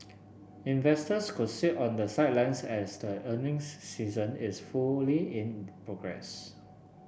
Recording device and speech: boundary microphone (BM630), read sentence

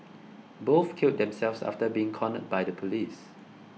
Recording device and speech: mobile phone (iPhone 6), read sentence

